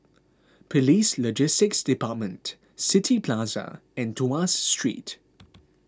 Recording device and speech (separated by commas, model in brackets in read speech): close-talking microphone (WH20), read sentence